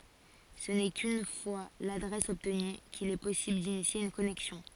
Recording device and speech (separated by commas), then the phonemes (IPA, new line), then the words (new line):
forehead accelerometer, read sentence
sə nɛ kyn fwa ladʁɛs ɔbtny kil ɛ pɔsibl dinisje yn kɔnɛksjɔ̃
Ce n'est qu'une fois l'adresse obtenue qu'il est possible d'initier une connexion.